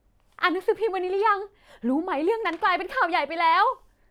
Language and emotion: Thai, happy